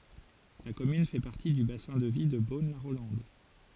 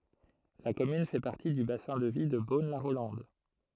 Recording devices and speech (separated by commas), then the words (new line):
forehead accelerometer, throat microphone, read sentence
La commune fait partie du bassin de vie de Beaune-la-Rolande.